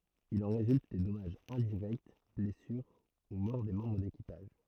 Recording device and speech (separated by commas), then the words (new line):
throat microphone, read sentence
Il en résulte des dommages indirects, blessures ou mort des membres d'équipage.